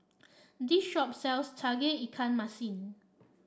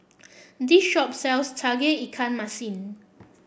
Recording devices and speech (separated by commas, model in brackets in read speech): standing microphone (AKG C214), boundary microphone (BM630), read sentence